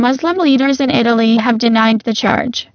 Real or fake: fake